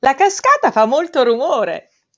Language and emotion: Italian, happy